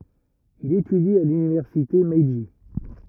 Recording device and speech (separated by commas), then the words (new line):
rigid in-ear microphone, read sentence
Il étudie à l'université Meiji.